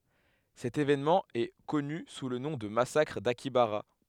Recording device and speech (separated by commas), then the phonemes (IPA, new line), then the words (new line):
headset microphone, read sentence
sɛt evenmɑ̃ ɛ kɔny su lə nɔ̃ də masakʁ dakjabaʁa
Cet événement est connu sous le nom de massacre d'Akihabara.